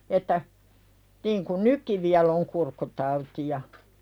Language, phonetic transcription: Finnish, että , niiŋkun "nykki viäl̆l ‿oŋ 'kurkkutautija .
- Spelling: että niin kuin nytkin vielä on kurkkutauteja

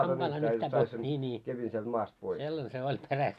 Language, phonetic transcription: Finnish, hampaillaa 'nyhtää pois , 'nii 'nii , 'sellan se oĺ "peräst .
- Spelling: hampaillaan nyhtää pois niin niin sellainen se oli perästä

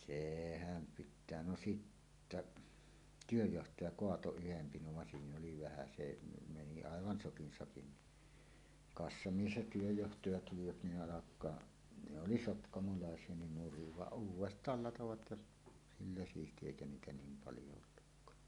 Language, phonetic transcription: Finnish, sehäm 'pit̆tää no "sittäˀ , "työjjohtaja "koato 'yhem 'pinov van "siin ‿oli 'vähä se ne meni "àevan 'sokin 'sakin ni , "kassamies ja 'työjjohtaja tulivat ni 'ˀalak̀aa , ne oli "sotkamolàes̀ie nin 'nuriv vaˀ "ˀuuw̆west̀aal 'latovat ja , sillä siisti "èikä 'niitä 'niim "paljo ollukkaa .
- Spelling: sehän pitää no sitten työnjohtaja kaatoi yhden pinon vaan siinä oli vähän se ne meni aivan sokin sakin niin kassamies ja työnjohtaja tulivat niin alkaa ne oli sotkamolaisia niin nurin vaan uudestaan latoivat ja sillä siisti eikä niitä niin paljon ollutkaan

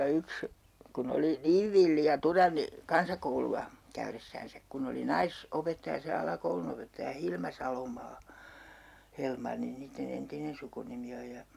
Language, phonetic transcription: Finnish, 'yks , kun ‿oli "niiv villi ja 'turanni , 'kansakoulu₍a , 'käyressäänsäk kun ‿oli "nais- , '-opettaja se 'alakoulunopettaja "Hilma 'Salomaa , 'Helmanni niitte'n ‿entinen sukunimi oj ja ,.
- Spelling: yksi kun oli niin villi ja tyranni kansakoulua käydessään kun oli - naisopettaja se alakoulunopettaja Hilma Salomaa Helmanni niiden entinen sukunimi on ja

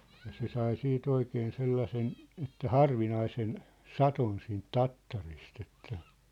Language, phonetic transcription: Finnish, ja se sai sii't ‿oikeen 'sellasen , että "harvinaisen , "sat̳on siint "tattarist ‿että ,.
- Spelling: ja se sai sitten oikein sellaisen että harvinaisen sadon siitä tattarista että

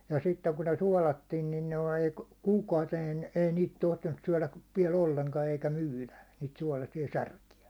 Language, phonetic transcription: Finnish, ja sitteŋ kun ne 'suálattin nin noi , 'kuukauteen ei niit 'tohtinnus 'syäₒläv viɛ'l ‿olleŋka eikä "myylä , niit suålasi₍a "särki₍ä .
- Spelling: ja sitten kun ne suolattiin niin noin kuukauteen ei niitä tohtinut syödä vielä ollenkaan eikä myydä niitä suolaisia särkiä

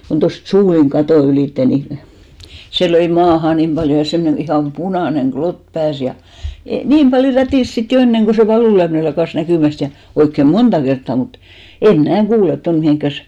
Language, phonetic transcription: Finnish, kon tost "suuliŋ 'katò 'ylìtte ni , 'se löi "maaha nim ʙaljo ja 'semnen ihàm "punàneŋ "ɢlot 'pääs ja , 'niim ʙaljo "rätìs 'sit jo "enneŋ ɢo se 'valùlyämⁱne lakàs 'näkỳmäst ja , 'oikke "monta kerttà 'mut , em 'mnä̀ "kuulet ton 'mihìŋkkäs ,.
- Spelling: kun tuosta suulin katon ylitse niin se löi maahan niin paljon ja semmoinen ihan punainen klotti pääsi ja niin paljon rätisi sitten jo ennen kuin se valunlyöminen lakkasi näkymästä ja oikein monta kertaa mutta en minä kuule tuonne mihinkään

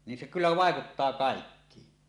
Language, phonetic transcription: Finnish, nin se kyllä 'vàekuttaa 'kàekkiin .
- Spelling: niin se kyllä vaikuttaa kaikkiin

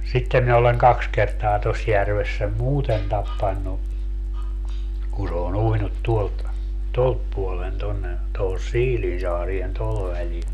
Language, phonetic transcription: Finnish, sittem mi oleŋ 'kaks kertaa 'tos 'järves sem "muuten 'tappannu , kun̬ se o'n ‿uinut tuolt , "tolt puolen 'tonne , tohos "Siilinsaarien 'toho välil .
- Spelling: sitten minä olen kaksi kertaa tuossa järvessä sen muuten tappanut kun se on uinut tuolta tuolta puolen tuonne tuohon Siilinsaareen tuohon välille

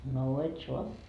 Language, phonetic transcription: Finnish, noo 'et sua . »
- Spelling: no et saa

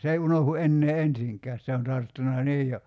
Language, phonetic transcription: Finnish, 's ‿ei 'unohu 'ennee "ensiŋkääs 'se on 'tarttuna "niij jo ,.
- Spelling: se ei unohdu enää ensinkään se on tarttunut niin jo

